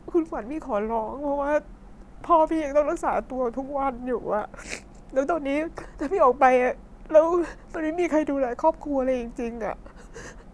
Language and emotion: Thai, sad